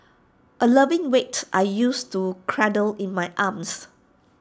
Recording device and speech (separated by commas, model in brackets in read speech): standing microphone (AKG C214), read sentence